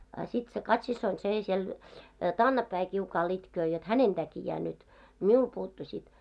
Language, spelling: Finnish, a sitten se Kati-siskoni se siellä takanapäin kiukaalla itkee jotta hänen takiaan nyt minulle puuttui sitten
- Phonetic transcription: a sit se "Kat'sissoin 'sè siel , 'taannappäi kiukaal itköö jot "hänen 'täkijää nyt , "miul 'puuttu 'sit .

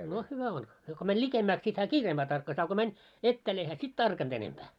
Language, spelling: Finnish, no hyvä on se kun meni likemmäksi sitten hän kiireempää tarkkasi a kun meni etäälle ei hän sitten tarkannut enempää
- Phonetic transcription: no 'hyvä on , se ko mäń "ĺikemmääks sit hää "kiireemʙää tarkkas a ko 'män , 'ettääl ei hää sit "tarkant ‿enempää .

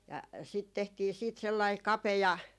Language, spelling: Finnish, sitä tehtiin siitä sellainen kapea
- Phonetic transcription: sit tehtii 'siit 'sellai "kapeja ,.

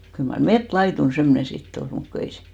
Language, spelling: Finnish, kyllä mar metsälaidun semmoinen sitten oli mutta kun ei se
- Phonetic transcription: kyl mar "met'laitun 'semmᵒnen̬ 'sit't ‿ol , 'mut ku 'ei se ,.

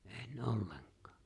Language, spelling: Finnish, en ollenkaan
- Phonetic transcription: '’en "’olleŋk̀ᴀᴀ .

